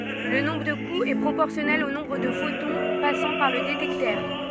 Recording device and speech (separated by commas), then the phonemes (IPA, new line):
soft in-ear microphone, read sentence
lə nɔ̃bʁ də kuz ɛ pʁopɔʁsjɔnɛl o nɔ̃bʁ də fotɔ̃ pasɑ̃ paʁ lə detɛktœʁ